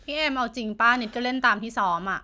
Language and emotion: Thai, frustrated